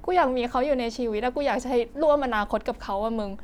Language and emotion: Thai, sad